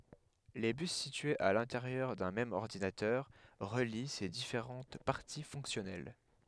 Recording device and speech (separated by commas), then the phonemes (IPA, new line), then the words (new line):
headset microphone, read sentence
le bys sityez a lɛ̃teʁjœʁ dœ̃ mɛm ɔʁdinatœʁ ʁəli se difeʁɑ̃t paʁti fɔ̃ksjɔnɛl
Les bus situés à l'intérieur d'un même ordinateur relient ses différentes parties fonctionnelles.